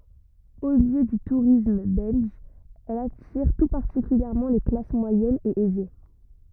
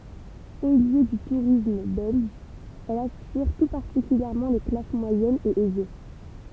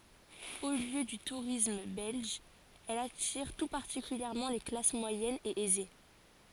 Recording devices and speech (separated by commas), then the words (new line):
rigid in-ear microphone, temple vibration pickup, forehead accelerometer, read sentence
Haut lieu du tourisme belge, elle attire tout particulièrement les classes moyennes et aisées.